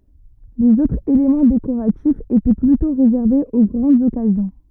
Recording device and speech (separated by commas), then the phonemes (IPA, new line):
rigid in-ear microphone, read sentence
lez otʁz elemɑ̃ dekoʁatifz etɛ plytɔ̃ ʁezɛʁvez o ɡʁɑ̃dz ɔkazjɔ̃